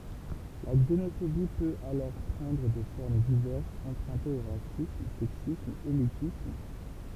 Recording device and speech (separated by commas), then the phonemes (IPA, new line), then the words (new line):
temple vibration pickup, read sentence
la ɡzenofobi pøt alɔʁ pʁɑ̃dʁ de fɔʁm divɛʁsz ɑ̃pʁœ̃tez o ʁasism sɛksism elitism
La xénophobie peut alors prendre des formes diverses empruntées au racisme, sexisme, élitisme...